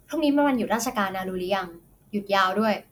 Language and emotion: Thai, neutral